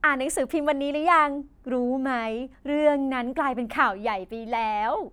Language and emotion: Thai, happy